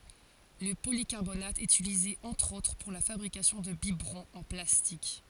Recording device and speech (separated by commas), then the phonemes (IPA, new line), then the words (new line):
forehead accelerometer, read sentence
lə polikaʁbonat ɛt ytilize ɑ̃tʁ otʁ puʁ la fabʁikasjɔ̃ də bibʁɔ̃z ɑ̃ plastik
Le polycarbonate est utilisé entre autres pour la fabrication de biberons en plastique.